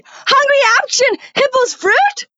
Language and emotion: English, surprised